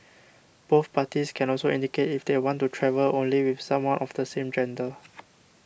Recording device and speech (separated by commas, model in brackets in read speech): boundary microphone (BM630), read sentence